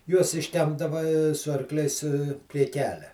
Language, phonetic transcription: Lithuanian, juos išˈtempdava su arˈkliais prie ˈkelia

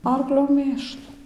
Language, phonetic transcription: Lithuanian, ˈarklio ˈmėšlu

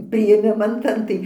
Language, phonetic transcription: Lithuanian, priėˈmiman ˈtan tai

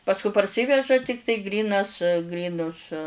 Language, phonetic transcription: Lithuanian, pasˈku parˈsyveža ˈtiktai ˈgrynas ˈgrynus

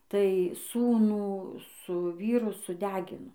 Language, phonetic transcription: Lithuanian, tai ˈsūnų su ˈvyru suˈdegino

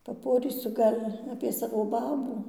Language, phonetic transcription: Lithuanian, paˈporysu ˈgal' apie ˈsavo ˈbabų

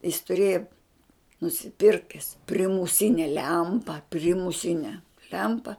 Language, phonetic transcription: Lithuanian, jis tuˈrėja nusiˈpirkes primuˈsine ˈlempa primuˈsine ˈlempa

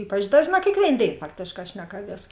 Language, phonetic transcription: Lithuanian, ˈypač ˈdažˌnā kėkˈvėin ˈdėin ˈfaktėšˌkā ˈšnekaˌvies

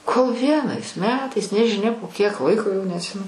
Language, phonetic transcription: Lithuanian, kol ˈvienais ˈmetais nežiˈnia po kiek ˈlaiko jau neatˈsimenu

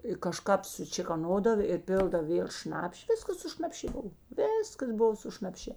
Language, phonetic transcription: Lithuanian, i kaˈžkap sučėkoˈnodav ir ˈpėldav ˈvėl ˈšnapši ˈviskas su šnapˈšė ˈbov ˈvėskas ˈbuvo su šnapˈšė

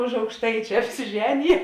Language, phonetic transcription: Lithuanian, už aukšˈtaičia apsiˈženije

